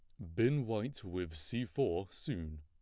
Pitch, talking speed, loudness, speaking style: 105 Hz, 160 wpm, -37 LUFS, plain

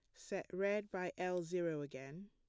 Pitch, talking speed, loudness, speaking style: 180 Hz, 175 wpm, -42 LUFS, plain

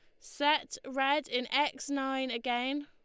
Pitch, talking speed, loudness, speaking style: 270 Hz, 135 wpm, -32 LUFS, Lombard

